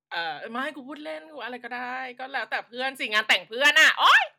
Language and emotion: Thai, happy